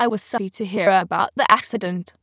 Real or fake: fake